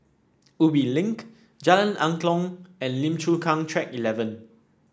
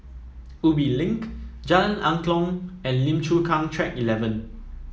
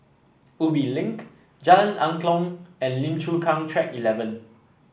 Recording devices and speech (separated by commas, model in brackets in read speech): standing microphone (AKG C214), mobile phone (iPhone 7), boundary microphone (BM630), read sentence